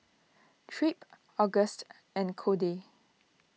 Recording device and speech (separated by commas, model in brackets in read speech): mobile phone (iPhone 6), read sentence